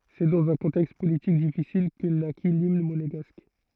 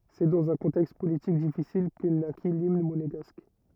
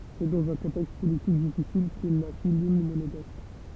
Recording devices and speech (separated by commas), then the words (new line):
throat microphone, rigid in-ear microphone, temple vibration pickup, read sentence
C'est dans un contexte politique difficile que naquit l'Hymne Monégasque.